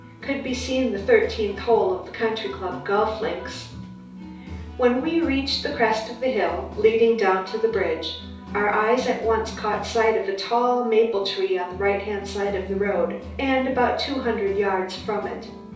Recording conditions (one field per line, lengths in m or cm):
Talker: one person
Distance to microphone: 3.0 m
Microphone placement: far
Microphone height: 1.8 m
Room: small (3.7 m by 2.7 m)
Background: music